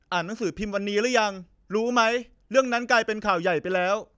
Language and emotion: Thai, frustrated